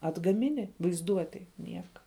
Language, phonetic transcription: Lithuanian, atgaˈmini vaizˈduotėj ˈnieka

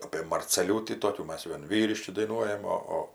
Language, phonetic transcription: Lithuanian, apė marceˈliūtį ˈtokių ˈmas ˈvien ˈvyriški daiˈnuojam ˈo ˈo

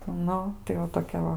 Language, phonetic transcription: Lithuanian, ˈnu tai va toˈkia ˈva

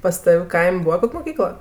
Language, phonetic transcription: Lithuanian, pas ˈtav' ˈkaim' ˈbūva ˈkok' moˈkykla

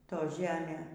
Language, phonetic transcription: Lithuanian, ˈto ˈžemė

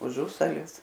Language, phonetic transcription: Lithuanian, uˈžusalis

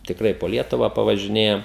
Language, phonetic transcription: Lithuanian, tikˈrai po ˈlietuvą pavažiˈnėjam

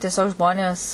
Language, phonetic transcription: Lithuanian, tieˈsiog ˈžmonės

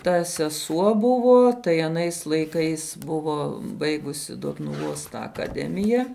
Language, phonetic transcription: Lithuanian, ta seˈsuo ˈbuvo tai aˈnais laiˈkais ˈbuvo ˈbaigusi dotnuˈvos tą akaˈdemija

